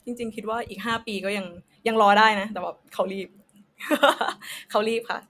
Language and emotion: Thai, happy